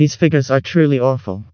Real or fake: fake